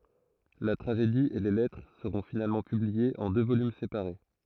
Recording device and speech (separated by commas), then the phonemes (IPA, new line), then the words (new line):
throat microphone, read sentence
la tʁaʒedi e le lɛtʁ səʁɔ̃ finalmɑ̃ pybliez ɑ̃ dø volym sepaʁe
La tragédie et les lettres seront finalement publiées en deux volumes séparés.